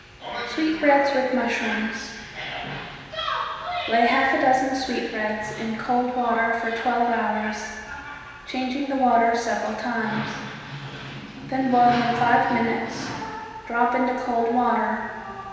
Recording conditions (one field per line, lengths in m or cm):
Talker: one person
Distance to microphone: 1.7 m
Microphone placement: close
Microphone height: 1.0 m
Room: very reverberant, large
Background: television